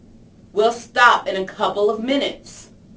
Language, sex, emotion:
English
female
angry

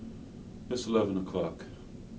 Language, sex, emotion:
English
male
neutral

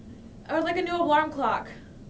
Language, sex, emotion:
English
female
neutral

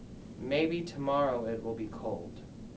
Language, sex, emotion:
English
male
neutral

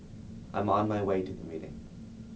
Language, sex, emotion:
English
male
neutral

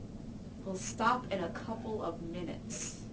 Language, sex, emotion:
English
female
angry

